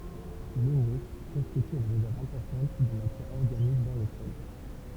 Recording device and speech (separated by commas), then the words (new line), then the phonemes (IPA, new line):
temple vibration pickup, read sentence
L'humus constitue une réserve importante de matière organique dans le sol.
lymys kɔ̃stity yn ʁezɛʁv ɛ̃pɔʁtɑ̃t də matjɛʁ ɔʁɡanik dɑ̃ lə sɔl